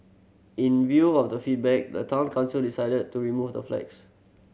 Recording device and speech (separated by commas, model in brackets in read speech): mobile phone (Samsung C7100), read sentence